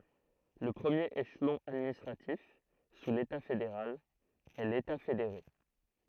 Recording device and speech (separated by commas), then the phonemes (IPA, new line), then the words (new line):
throat microphone, read sentence
lə pʁəmjeʁ eʃlɔ̃ administʁatif su leta fedeʁal ɛ leta fedeʁe
Le premier échelon administratif, sous l’État fédéral, est l’État fédéré.